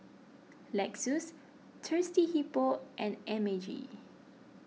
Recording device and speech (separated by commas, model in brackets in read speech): mobile phone (iPhone 6), read sentence